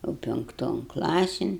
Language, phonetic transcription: Lithuanian, jau pinkˈton ˈklasin

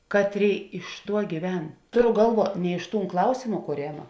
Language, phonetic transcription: Lithuanian, ˈkatˌrėi iš ˈtuo gyˈven ˈtoˌro gˈalˌvuo ne iš ˈtūn ˈklausėma kūˈrėma

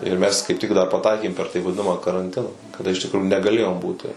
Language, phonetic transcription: Lithuanian, ir ˈmes kaip tik dar paˈtaikėm per tai vaˈdinama karanˈtina kaˈda iš tikˈruju negaˈlėjom ˈbūti

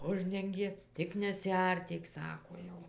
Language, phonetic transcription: Lithuanian, ˈuždengė ˈtik nesiˈartyk ˈsako ˈjau

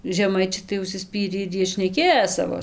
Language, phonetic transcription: Lithuanian, žeˈmaičiai tai užsiˈspyrį ir ˈjie šneˈkėjo ˈsavo

